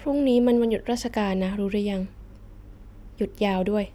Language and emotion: Thai, sad